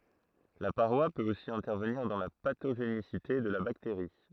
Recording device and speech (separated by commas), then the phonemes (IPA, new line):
throat microphone, read sentence
la paʁwa pøt osi ɛ̃tɛʁvəniʁ dɑ̃ la patoʒenisite də la bakteʁi